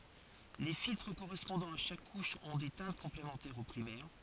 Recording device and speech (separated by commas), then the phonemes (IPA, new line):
forehead accelerometer, read sentence
le filtʁ koʁɛspɔ̃dɑ̃z a ʃak kuʃ ɔ̃ de tɛ̃t kɔ̃plemɑ̃tɛʁz o pʁimɛʁ